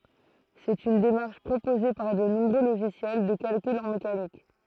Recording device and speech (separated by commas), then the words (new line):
throat microphone, read sentence
C'est une démarche proposée par de nombreux logiciels de calcul en mécanique.